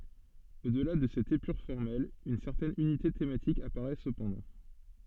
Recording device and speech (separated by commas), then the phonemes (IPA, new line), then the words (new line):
soft in-ear microphone, read sentence
o dəla də sɛt epyʁ fɔʁmɛl yn sɛʁtɛn ynite tematik apaʁɛ səpɑ̃dɑ̃
Au-delà de cette épure formelle, une certaine unité thématique apparaît cependant.